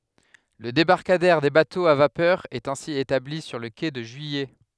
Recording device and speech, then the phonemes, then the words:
headset microphone, read sentence
lə debaʁkadɛʁ de batoz a vapœʁ ɛt ɛ̃si etabli syʁ lə ke də ʒyijɛ
Le débarcadère des bateaux à vapeur est ainsi établi sur le quai de Juillet.

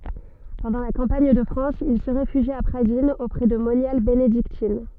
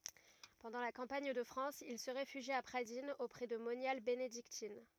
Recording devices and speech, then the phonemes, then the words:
soft in-ear microphone, rigid in-ear microphone, read sentence
pɑ̃dɑ̃ la kɑ̃paɲ də fʁɑ̃s il sə ʁefyʒi a pʁadinz opʁɛ də monjal benediktin
Pendant la campagne de France, il se réfugie à Pradines auprès de moniales bénédictines.

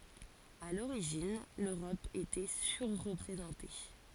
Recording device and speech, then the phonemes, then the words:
forehead accelerometer, read sentence
a loʁiʒin løʁɔp etɛ syʁʁpʁezɑ̃te
À l’origine, l’Europe était surreprésentée.

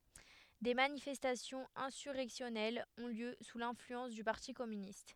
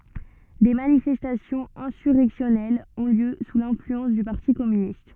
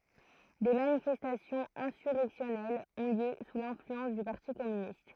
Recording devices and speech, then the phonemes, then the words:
headset microphone, soft in-ear microphone, throat microphone, read sentence
de manifɛstasjɔ̃z ɛ̃syʁɛksjɔnɛlz ɔ̃ ljø su lɛ̃flyɑ̃s dy paʁti kɔmynist
Des manifestations insurrectionnelles ont lieu sous l'influence du parti communiste.

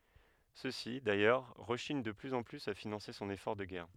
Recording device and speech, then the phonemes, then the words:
headset microphone, read sentence
søksi dajœʁ ʁəʃiɲ də plyz ɑ̃ plyz a finɑ̃se sɔ̃n efɔʁ də ɡɛʁ
Ceux-ci, d'ailleurs, rechignent de plus en plus à financer son effort de guerre.

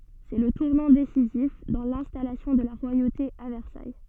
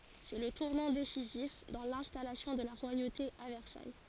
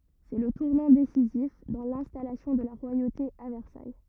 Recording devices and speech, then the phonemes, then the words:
soft in-ear microphone, forehead accelerometer, rigid in-ear microphone, read sentence
sɛ lə tuʁnɑ̃ desizif dɑ̃ lɛ̃stalasjɔ̃ də la ʁwajote a vɛʁsaj
C'est le tournant décisif dans l'installation de la royauté à Versailles.

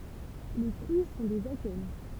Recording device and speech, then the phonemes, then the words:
temple vibration pickup, read sentence
le fʁyi sɔ̃ dez akɛn
Les fruits sont des akènes.

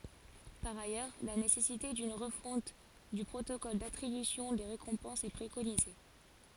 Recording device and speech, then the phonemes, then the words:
forehead accelerometer, read sentence
paʁ ajœʁ la nesɛsite dyn ʁəfɔ̃t dy pʁotokɔl datʁibysjɔ̃ de ʁekɔ̃pɑ̃sz ɛ pʁekonize
Par ailleurs, la nécessité d'une refonte du protocole d'attribution des récompenses est préconisée.

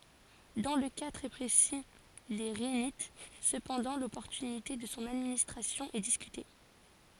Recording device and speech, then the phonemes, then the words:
forehead accelerometer, read sentence
dɑ̃ lə ka tʁɛ pʁesi de ʁinit səpɑ̃dɑ̃ lɔpɔʁtynite də sɔ̃ administʁasjɔ̃ ɛ diskyte
Dans le cas très précis des rhinites cependant, l'opportunité de son administration est discutée.

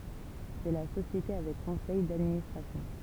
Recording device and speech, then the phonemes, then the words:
temple vibration pickup, read sentence
sɛ la sosjete avɛk kɔ̃sɛj dadministʁasjɔ̃
C'est la société avec conseil d'administration.

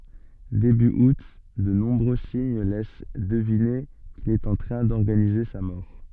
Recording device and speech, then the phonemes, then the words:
soft in-ear microphone, read sentence
deby ut də nɔ̃bʁø siɲ lɛs dəvine kil ɛt ɑ̃ tʁɛ̃ dɔʁɡanize sa mɔʁ
Début août, de nombreux signes laissent deviner qu'il est en train d'organiser sa mort.

